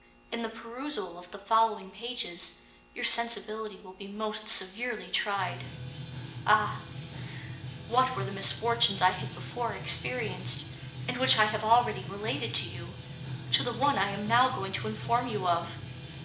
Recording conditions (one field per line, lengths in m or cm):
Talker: one person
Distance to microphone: 1.8 m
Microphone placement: close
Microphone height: 1.0 m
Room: large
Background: music